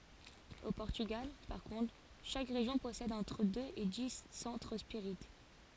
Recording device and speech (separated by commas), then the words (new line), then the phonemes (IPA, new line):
forehead accelerometer, read sentence
Au Portugal, par contre, chaque région possède entre deux et dix centres spirites.
o pɔʁtyɡal paʁ kɔ̃tʁ ʃak ʁeʒjɔ̃ pɔsɛd ɑ̃tʁ døz e di sɑ̃tʁ spiʁit